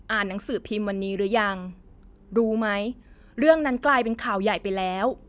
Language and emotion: Thai, frustrated